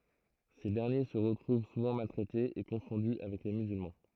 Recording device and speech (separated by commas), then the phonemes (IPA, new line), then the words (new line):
throat microphone, read sentence
se dɛʁnje sə ʁətʁuv suvɑ̃ maltʁɛtez e kɔ̃fɔ̃dy avɛk le myzylmɑ̃
Ces derniers se retrouvent souvent maltraités et confondus avec les musulmans.